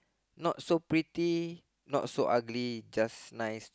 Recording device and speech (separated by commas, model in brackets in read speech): close-talking microphone, conversation in the same room